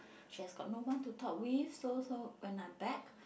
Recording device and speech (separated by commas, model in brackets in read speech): boundary microphone, conversation in the same room